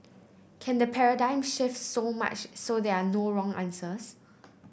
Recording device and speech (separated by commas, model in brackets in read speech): boundary microphone (BM630), read sentence